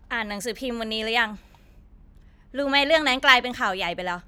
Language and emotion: Thai, frustrated